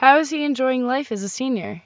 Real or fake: real